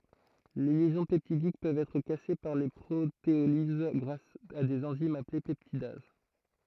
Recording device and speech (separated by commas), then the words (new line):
throat microphone, read sentence
Les liaisons peptidiques peuvent être cassées par protéolyse grâce à des enzymes appelées peptidases.